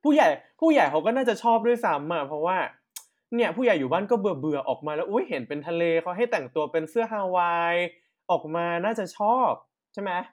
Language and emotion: Thai, happy